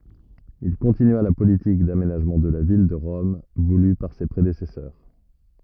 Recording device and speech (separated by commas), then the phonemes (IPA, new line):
rigid in-ear microphone, read sentence
il kɔ̃tinya la politik damenaʒmɑ̃ də la vil də ʁɔm vuly paʁ se pʁedesɛsœʁ